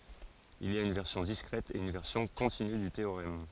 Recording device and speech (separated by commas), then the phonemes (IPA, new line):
forehead accelerometer, read sentence
il i a yn vɛʁsjɔ̃ diskʁɛt e yn vɛʁsjɔ̃ kɔ̃tiny dy teoʁɛm